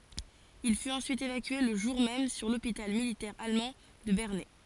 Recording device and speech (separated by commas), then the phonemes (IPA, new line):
forehead accelerometer, read sentence
il fyt ɑ̃syit evakye lə ʒuʁ mɛm syʁ lopital militɛʁ almɑ̃ də bɛʁnɛ